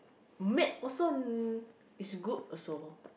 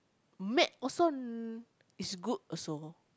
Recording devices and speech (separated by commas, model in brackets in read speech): boundary microphone, close-talking microphone, conversation in the same room